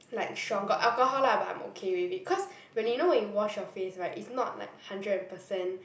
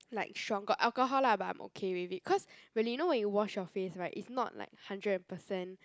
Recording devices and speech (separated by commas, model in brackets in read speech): boundary microphone, close-talking microphone, conversation in the same room